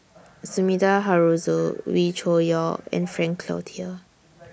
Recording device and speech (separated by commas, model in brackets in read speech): boundary microphone (BM630), read sentence